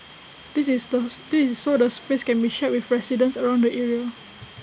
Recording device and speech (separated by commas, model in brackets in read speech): boundary microphone (BM630), read sentence